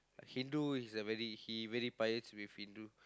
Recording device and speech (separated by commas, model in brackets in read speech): close-talking microphone, conversation in the same room